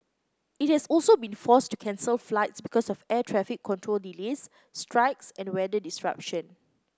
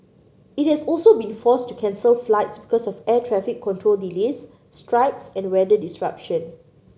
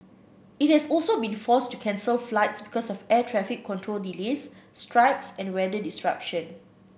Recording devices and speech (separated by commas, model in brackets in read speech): close-talking microphone (WH30), mobile phone (Samsung C9), boundary microphone (BM630), read sentence